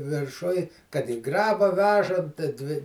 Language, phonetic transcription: Lithuanian, virˈšuj kad i ˈgraba ˈvežant ti ˈdvi

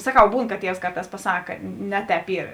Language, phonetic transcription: Lithuanian, saˈkau ˈbūn ka ˈtievs ˈkarˌtās paˈsaka ˈne ˌtēp ˈyr

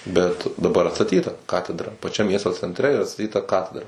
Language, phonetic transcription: Lithuanian, bet daˈbar atsaˈtyta ˈkatedra paˈčiam ˈmiesto centˈre ir atstaˈtyta ˈkatedra

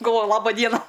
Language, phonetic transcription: Lithuanian, galˈvoju ˈlaba ˈdiena

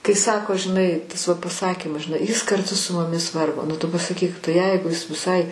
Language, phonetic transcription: Lithuanian, kai ˈsako žiˈnai ˈtas va paˈsakymas žiˈnai jis karˈtu su muˈmis ˈvargo nu ˈtu pasaˈkyk tai ˈjeigu is viˈsai

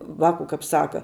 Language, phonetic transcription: Lithuanian, ˈvaku kap ˈsaka

